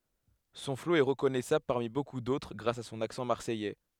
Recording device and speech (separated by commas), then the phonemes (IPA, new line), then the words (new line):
headset microphone, read sentence
sɔ̃ flo ɛ ʁəkɔnɛsabl paʁmi boku dotʁ ɡʁas a sɔ̃n aksɑ̃ maʁsɛjɛ
Son flow est reconnaissable parmi beaucoup d'autres grâce à son accent marseillais.